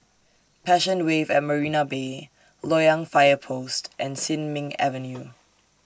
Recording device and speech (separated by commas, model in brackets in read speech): standing microphone (AKG C214), read sentence